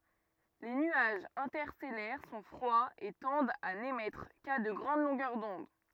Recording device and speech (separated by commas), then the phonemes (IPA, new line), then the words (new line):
rigid in-ear microphone, read sentence
le nyaʒz ɛ̃tɛʁstɛlɛʁ sɔ̃ fʁwaz e tɑ̃dt a nemɛtʁ ka də ɡʁɑ̃d lɔ̃ɡœʁ dɔ̃d
Les nuages interstellaires sont froids et tendent à n'émettre qu'à de grandes longueurs d'onde.